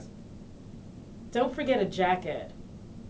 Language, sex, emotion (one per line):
English
female
neutral